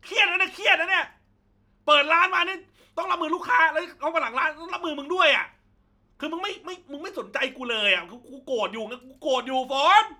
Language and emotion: Thai, angry